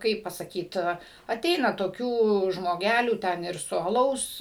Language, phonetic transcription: Lithuanian, ˈkaip pasaˈkyt aˈteina toˈkių žmoˈgælių ˈten ir su aˈlaus

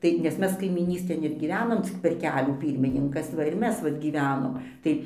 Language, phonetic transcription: Lithuanian, ˈtai nes ˈmes kaimyˈnystėn ir gyˈvenom cik per ˈkelių ˈpyrmininkas ˈva ir ˈmes ˈvat gyˈvenom ˈtai

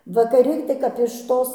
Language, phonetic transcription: Lithuanian, vakaˈri tai kap iš ˈtos

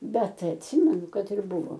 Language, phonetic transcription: Lithuanian, bet atˈsimenu ˈkad ir ˈbuvo

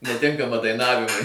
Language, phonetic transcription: Lithuanian, neˈtinkama daiˈnavimui

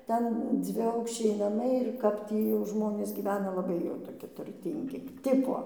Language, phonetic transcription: Lithuanian, ˈten dzviˈaukščiai naˈmai ir ˈkap tį jau ˈžmonės gyˈvena laˈbai jau toˈki turˈtyngi ˈtipo

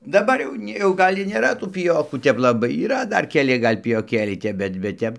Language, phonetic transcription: Lithuanian, daˈbar jau ˈni jau ˈgal' ir nėˈra tų piˈjokų ˈtep laˈbai yˈra ˈdar keˈli ˈgal' pijoˈkėliai ˈtep ˈbet bet ˈtep

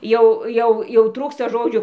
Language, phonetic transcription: Lithuanian, ˈjau ˈjau jau ˈtrūksta ˈžodžių

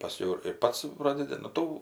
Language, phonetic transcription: Lithuanian, paˈskiau ir ir ˈpats ˈprodedi nu ˈtų

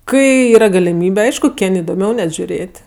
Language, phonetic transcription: Lithuanian, ˈkai ˈyra galiˈmybe ˈaišku ˈkin' idoˈmiau net žiuˈrėt'

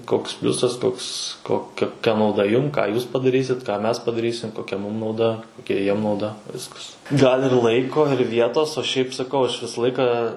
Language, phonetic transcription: Lithuanian, ˈkoks ˈpliusas ˈkoks ko koˈkia nauˈda ˈjum ką ˈjūs padaˈrysit ką ˈmes padaˈrysim koˈkia ˈmūm nauˈda koˈkia ˈjiem nauˈda ˈviskas gal' ir ˈlaiko ir ˈvietos o ˈšiaip saˈkau aš ˈvisa ˈlaika

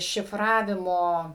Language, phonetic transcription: Lithuanian, šiˈfravimo

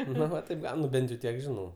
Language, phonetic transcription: Lithuanian, ˈno va taip ˈgaun ˈnu ˈbent jau ˈtiek ˈžinau

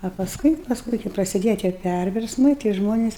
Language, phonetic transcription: Lithuanian, a pasˈkui pasˈkui kai prasiˈdėja tie ˈpærversmai tai ˈžmones

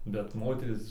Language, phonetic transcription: Lithuanian, bet ˈmoterys

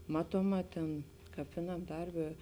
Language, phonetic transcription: Lithuanian, ˈmatuoˌmā tėn kap ˈviˌnam ˈdarˌbė

